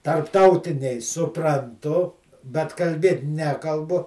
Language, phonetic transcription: Lithuanian, tarpˈtautiniai supranˈtu bet kalˈbėt ˈnekalbu

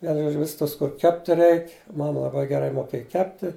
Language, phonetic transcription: Lithuanian, ˈvienu ˈžodžiu ˈvis ˈtas kur ˈkepti ˈreik' ˈmama laˈbai geˈrai moˈkėja ˈkepti

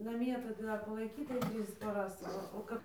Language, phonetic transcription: Lithuanian, naˈmie tai ˈdar palaiˈkytai ˈtrys paˈras ˈva o ˈkap

